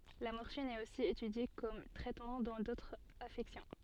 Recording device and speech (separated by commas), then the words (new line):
soft in-ear microphone, read sentence
La morphine est aussi étudiée comme traitement dans d'autres affections.